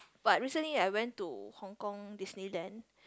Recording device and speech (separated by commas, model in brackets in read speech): close-talking microphone, conversation in the same room